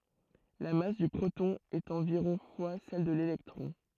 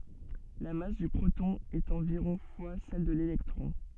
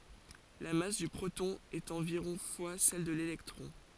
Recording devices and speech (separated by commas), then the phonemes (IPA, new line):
throat microphone, soft in-ear microphone, forehead accelerometer, read sentence
la mas dy pʁotɔ̃ ɛt ɑ̃viʁɔ̃ fwa sɛl də lelɛktʁɔ̃